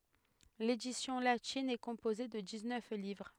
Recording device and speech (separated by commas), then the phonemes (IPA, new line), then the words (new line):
headset microphone, read sentence
ledisjɔ̃ latin ɛ kɔ̃poze də diksnœf livʁ
L'édition latine est composée de dix-neuf livres.